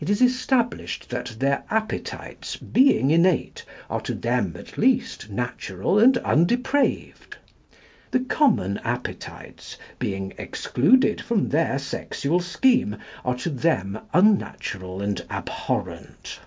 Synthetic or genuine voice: genuine